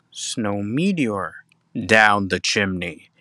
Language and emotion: English, fearful